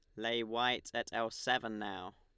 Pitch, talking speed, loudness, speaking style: 115 Hz, 185 wpm, -36 LUFS, Lombard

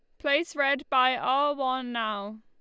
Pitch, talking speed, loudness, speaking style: 260 Hz, 165 wpm, -26 LUFS, Lombard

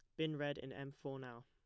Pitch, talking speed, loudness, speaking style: 140 Hz, 285 wpm, -45 LUFS, plain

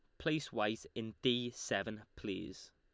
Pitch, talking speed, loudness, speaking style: 115 Hz, 140 wpm, -39 LUFS, Lombard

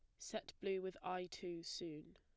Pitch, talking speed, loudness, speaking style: 180 Hz, 185 wpm, -47 LUFS, plain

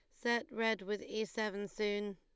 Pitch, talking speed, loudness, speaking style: 215 Hz, 185 wpm, -37 LUFS, Lombard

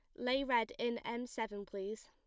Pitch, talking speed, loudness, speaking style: 235 Hz, 195 wpm, -38 LUFS, plain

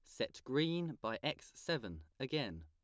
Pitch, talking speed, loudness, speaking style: 130 Hz, 150 wpm, -40 LUFS, plain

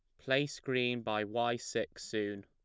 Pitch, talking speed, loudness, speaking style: 120 Hz, 160 wpm, -35 LUFS, plain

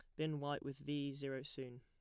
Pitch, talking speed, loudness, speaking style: 140 Hz, 225 wpm, -44 LUFS, plain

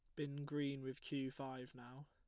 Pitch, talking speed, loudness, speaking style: 140 Hz, 190 wpm, -46 LUFS, plain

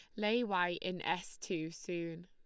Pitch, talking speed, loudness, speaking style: 180 Hz, 175 wpm, -37 LUFS, Lombard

